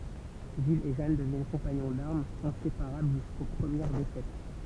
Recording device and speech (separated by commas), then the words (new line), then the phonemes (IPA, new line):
temple vibration pickup, read sentence
Gilles et Jeanne deviennent compagnons d'armes, inséparables jusqu'aux premières défaites.
ʒil e ʒan dəvjɛn kɔ̃paɲɔ̃ daʁmz ɛ̃sepaʁabl ʒysko pʁəmjɛʁ defɛt